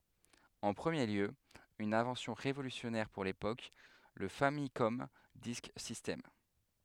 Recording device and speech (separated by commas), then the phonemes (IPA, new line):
headset microphone, read sentence
ɑ̃ pʁəmje ljø yn ɛ̃vɑ̃sjɔ̃ ʁevolysjɔnɛʁ puʁ lepok lə famikɔm disk sistɛm